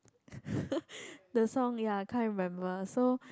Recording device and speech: close-talking microphone, conversation in the same room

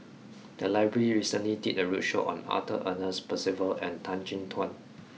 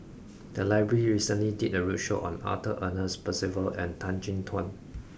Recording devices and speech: mobile phone (iPhone 6), boundary microphone (BM630), read sentence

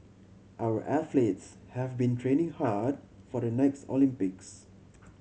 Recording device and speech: mobile phone (Samsung C7100), read sentence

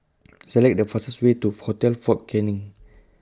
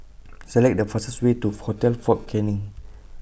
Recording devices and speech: close-talking microphone (WH20), boundary microphone (BM630), read sentence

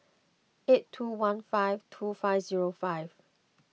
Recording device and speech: mobile phone (iPhone 6), read sentence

